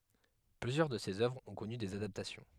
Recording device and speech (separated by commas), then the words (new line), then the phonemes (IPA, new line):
headset microphone, read sentence
Plusieurs de ses œuvres ont connu des adaptations.
plyzjœʁ də sez œvʁz ɔ̃ kɔny dez adaptasjɔ̃